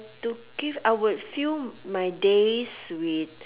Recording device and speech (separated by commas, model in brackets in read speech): telephone, conversation in separate rooms